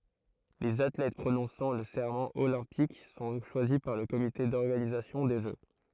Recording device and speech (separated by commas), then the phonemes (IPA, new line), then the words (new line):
throat microphone, read sentence
lez atlɛt pʁonɔ̃sɑ̃ lə sɛʁmɑ̃ olɛ̃pik sɔ̃ ʃwazi paʁ lə komite dɔʁɡanizasjɔ̃ de ʒø
Les athlètes prononçant le serment olympique sont choisis par le comité d'organisation des Jeux.